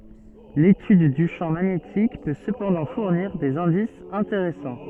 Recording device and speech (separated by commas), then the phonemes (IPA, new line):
soft in-ear microphone, read sentence
letyd dy ʃɑ̃ maɲetik pø səpɑ̃dɑ̃ fuʁniʁ dez ɛ̃disz ɛ̃teʁɛsɑ̃